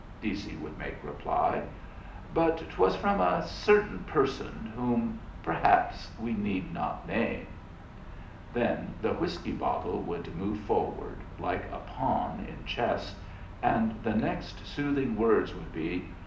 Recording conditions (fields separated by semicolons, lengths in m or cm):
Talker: one person; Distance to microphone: 2.0 m; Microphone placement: close; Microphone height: 99 cm; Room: medium-sized (5.7 m by 4.0 m); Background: none